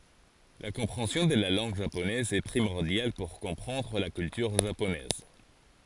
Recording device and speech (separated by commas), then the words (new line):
forehead accelerometer, read sentence
La compréhension de la langue japonaise est primordiale pour comprendre la culture japonaise.